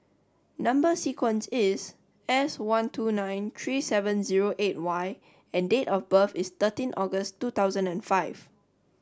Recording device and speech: standing microphone (AKG C214), read sentence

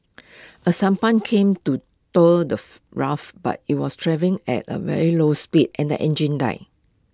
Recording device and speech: close-talking microphone (WH20), read sentence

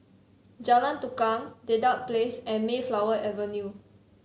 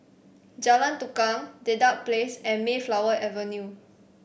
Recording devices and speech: mobile phone (Samsung C7), boundary microphone (BM630), read sentence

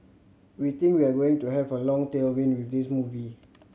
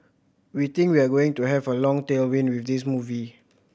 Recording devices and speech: mobile phone (Samsung C7100), boundary microphone (BM630), read sentence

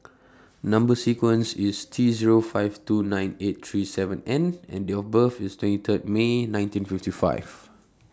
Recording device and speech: standing microphone (AKG C214), read sentence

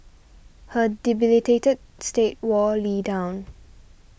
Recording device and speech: boundary microphone (BM630), read sentence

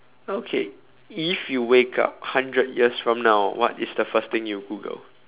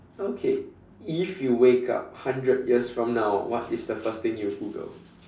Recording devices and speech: telephone, standing microphone, conversation in separate rooms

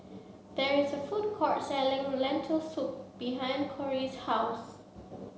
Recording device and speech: mobile phone (Samsung C7), read sentence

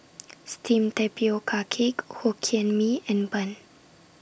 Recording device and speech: boundary microphone (BM630), read sentence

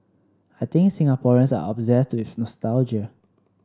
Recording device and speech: standing microphone (AKG C214), read sentence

